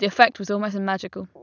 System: none